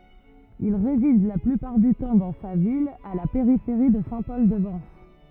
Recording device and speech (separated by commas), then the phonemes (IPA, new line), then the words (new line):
rigid in-ear microphone, read sentence
il ʁezid la plypaʁ dy tɑ̃ dɑ̃ sa vila a la peʁifeʁi də sɛ̃ pɔl də vɑ̃s
Il réside la plupart du temps dans sa villa à la périphérie de Saint-Paul-de-Vence.